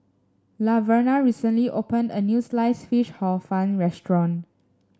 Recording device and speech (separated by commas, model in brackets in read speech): standing microphone (AKG C214), read sentence